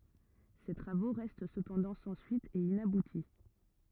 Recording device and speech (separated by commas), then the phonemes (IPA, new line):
rigid in-ear microphone, read sentence
se tʁavo ʁɛst səpɑ̃dɑ̃ sɑ̃ syit e inabuti